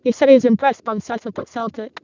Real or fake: fake